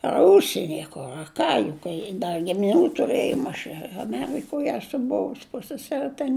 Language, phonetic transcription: Lithuanian, ar ˈužsieni a ˈkur a ˈką juk kai ˈda gimiˈnių tuˈrɘjom aš i aˈmerikoj ˈesu ˈbuvus ˈpusseseri ten

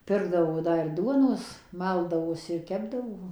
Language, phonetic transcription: Lithuanian, ˈpirkdavo ˈda ir ˈduonos ˈmaldavosi ir ˈkepdavo

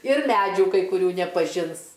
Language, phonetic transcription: Lithuanian, ir ˈmædžių kai kuˈrių nepaˈžins

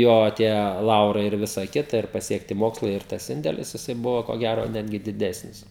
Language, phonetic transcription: Lithuanian, ˈjo tie ˈlaurai ir ˈvisa ˈkita ir pasiekˈti ˈmokslai ir ˈtas ˈindelis jiˈsai ˈbuvo ko ˈgæro ˈnetgi diˈdesnis

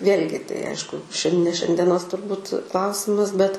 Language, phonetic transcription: Lithuanian, ˈvėl'gi tai ˈaišku šian ne šiandieˈnos šiandieˈnos turˈbūt ˈklausimas bet

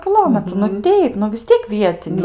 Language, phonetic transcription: Lithuanian, kiˈlometru nu ˈteip nu vis ˈtiek ˈvietiniai

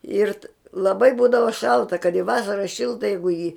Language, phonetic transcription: Lithuanian, ˈir laˈbai ˈbūdava ˈšalta kad i ˈvasara ˈšilta ˈjeigu i ji

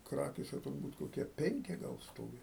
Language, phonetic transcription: Lithuanian, ˈkrakėse turˈbūt koˈkie ˈpenki ˈgal ˈstovi

